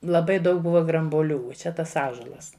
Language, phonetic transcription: Lithuanian, laˈbai ˈdaug ˈbuva grambuoˈlių uo ˈčia ˈtas ˈąžuolas

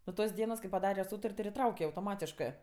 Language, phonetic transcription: Lithuanian, nuo ˈtos ˈdienos kai paˈdare ˈsūtar't' ir iˈtrauke autoˈmatiškɜ

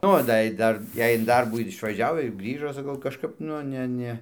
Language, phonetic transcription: Lithuanian, ˈo da i ˈdar ˈjei in ˈdarbų ir išvaˈžiau ir ˈgrįžo saˈkau kažˈkap nu ˈne ˈne

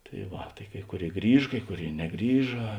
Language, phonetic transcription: Lithuanian, tai ˈva tai ˈkai ˈkuˌrėi ˈgrįž ˈkai ˈkuˌrėi neˈgrįža

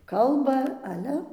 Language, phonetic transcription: Lithuanian, ˈkalba aˈle

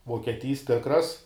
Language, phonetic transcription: Lithuanian, vokieˈtys ˈtikras

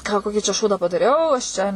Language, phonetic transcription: Lithuanian, ką ˈkokį čia ˈšūdą padaˈriau aš ˈčia

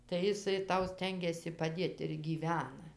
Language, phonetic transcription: Lithuanian, tai iˈsai ˈtau ˈstengiasi paˈdėt ir gyˈvena

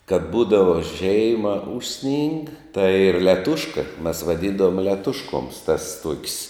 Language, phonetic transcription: Lithuanian, kad ˈbūdava ˈžeima ˈužˌsning tai ˈyr leˈtuška mes vaˈdyndavom leˈtuškoms tas tuok's

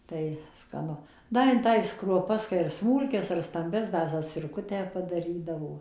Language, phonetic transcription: Lithuanian, tai skaˈnu ˈda in ˈtais kruoˈpas kai ar ˈsmūlkias ar stamˈbias ˈda zacirˈkutę padaˈrydavo

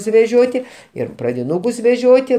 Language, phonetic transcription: Lithuanian, suveˈžioti ˈir pradiˈnūkus veˈžioti

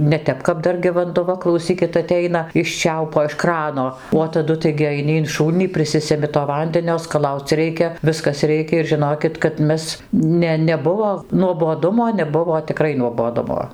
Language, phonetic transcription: Lithuanian, neˈtep kap ˈdar gi vanduˈva klauˈsykit aˈteina iš ˈčiaupo iš ˈkrano o taˈdu taigi aiˈni in ˈšūlnį priˈsisemi to ˈvandenio skaˈlauc ˈreikia ˈviskas ˈreikia ir žiˈnokit kad ˈmes ˈne neˈbuvo nuoboˈdumo neˈbuvo tiˈkrai nuoboˈdumo

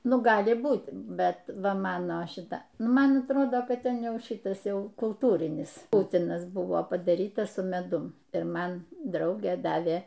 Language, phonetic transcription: Lithuanian, ˈnu ˈgali ˈbūt' ˈbet ˈva ˈmano ˈšita ˈnu ˈman atˈrodo ˈkad ˈten ˈjau ˈšitas ˈjau kulˈtūrinis ˈputinas ˈbuvo padaˈryta su meˈdum ir ˈman ˈdraugė ˈdavė

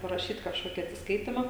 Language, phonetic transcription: Lithuanian, paraˈšyt kažˈkoki atsisˈkaitima

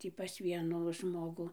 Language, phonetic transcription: Lithuanian, ˈtį pas ˈvienų ˈžmogu

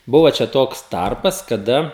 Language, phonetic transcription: Lithuanian, ˈbuva čia ˈtoks ˈtarpas kaˈda

